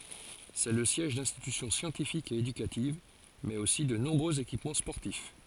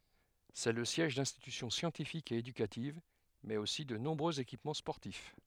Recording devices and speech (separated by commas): forehead accelerometer, headset microphone, read sentence